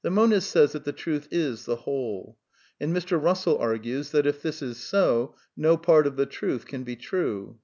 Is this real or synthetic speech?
real